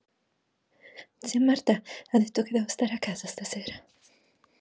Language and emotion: Italian, fearful